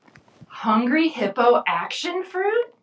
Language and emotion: English, happy